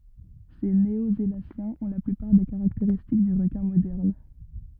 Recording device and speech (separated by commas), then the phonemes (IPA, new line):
rigid in-ear microphone, read sentence
se neozelasjɛ̃z ɔ̃ la plypaʁ de kaʁakteʁistik dy ʁəkɛ̃ modɛʁn